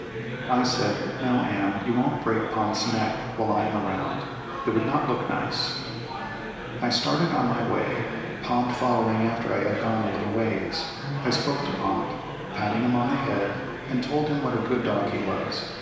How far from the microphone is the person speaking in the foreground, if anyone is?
1.7 m.